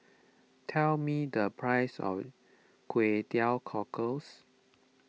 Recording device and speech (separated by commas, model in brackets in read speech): mobile phone (iPhone 6), read sentence